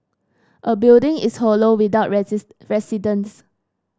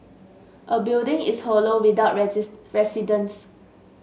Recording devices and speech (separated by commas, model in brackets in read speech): standing microphone (AKG C214), mobile phone (Samsung S8), read sentence